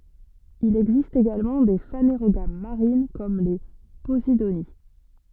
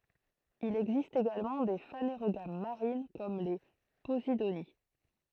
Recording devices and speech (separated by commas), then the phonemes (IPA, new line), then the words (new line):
soft in-ear microphone, throat microphone, read sentence
il ɛɡzist eɡalmɑ̃ de faneʁoɡam maʁin kɔm le pozidoni
Il existe également des phanérogames marines comme les posidonies.